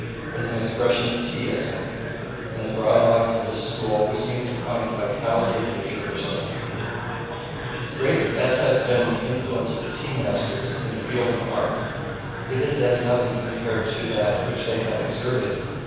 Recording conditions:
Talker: one person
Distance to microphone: 7.1 m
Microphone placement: far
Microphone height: 1.7 m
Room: very reverberant, large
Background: babble

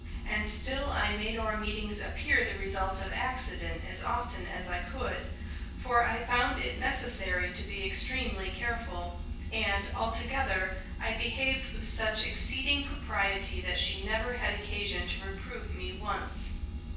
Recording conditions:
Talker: one person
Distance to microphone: 9.8 m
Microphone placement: far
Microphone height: 1.8 m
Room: large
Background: none

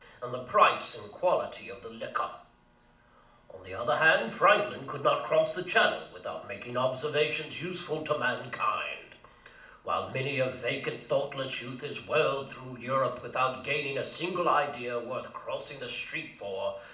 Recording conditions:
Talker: one person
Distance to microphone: 2.0 m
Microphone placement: close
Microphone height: 99 cm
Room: medium-sized (5.7 m by 4.0 m)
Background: none

